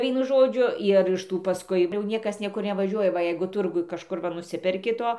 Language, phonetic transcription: Lithuanian, ˈvienu ˈžodžiu ir iš ˈtų paˈskui jau ˈniekas ˈniekur nevaˈžiuoja ˈva ˈjeigu ˈturguj kažˈkur va nuˈsiperki ˈto

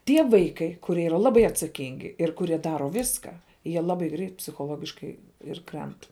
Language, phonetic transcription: Lithuanian, ˈtie ˈvaikai kuˈrie ˈyra ˈlabai atsaˈkingi ir kuˈrie ˈdaro ˈvyską ˈjie ˈlabai greit psichoˈlogiškai ir ˈkrent

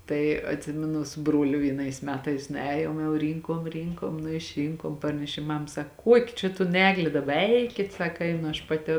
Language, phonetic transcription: Lithuanian, ˈtai atˈsiminu su ˈbruoliu vieˈnais ˈmetais nuˈējom jau ˈrynkom ˈrynkom nu išˈrynkom ˈparnešėm ˈmam ˈsak ˈkuoki čia ton ˈeglė ˈdaba ˈeikit ˈsaka ˈeinu aš ˌpaˈti

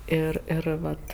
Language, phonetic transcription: Lithuanian, ˈir ir ˈvat

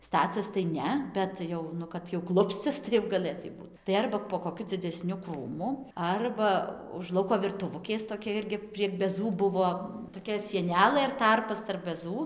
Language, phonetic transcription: Lithuanian, ˈstacias tai ˈne ˈbet jau ˈnu kad jau ˈklupscias tai jau gaˈlėtai ˈbūt tai ˈarba po koˈkiu dzideˈsniu ˈkrūmu ˈarba už ˈlauko virtuˈvukės toˈkia ˈirgi prieg beˈzų ˈbuvo toˈkia sieˈnelɘ ir ˈtarpas tarp beˈzų

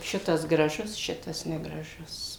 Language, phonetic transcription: Lithuanian, ˈšitas graˈžus ˈšitas negraˈžus

